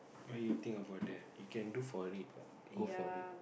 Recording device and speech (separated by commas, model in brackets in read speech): boundary microphone, conversation in the same room